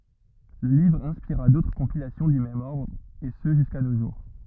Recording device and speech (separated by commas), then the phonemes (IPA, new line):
rigid in-ear microphone, read sentence
lə livʁ ɛ̃spiʁa dotʁ kɔ̃pilasjɔ̃ dy mɛm ɔʁdʁ e sə ʒyska no ʒuʁ